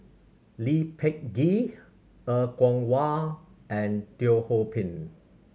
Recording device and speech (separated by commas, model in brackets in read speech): mobile phone (Samsung C7100), read sentence